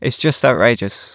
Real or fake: real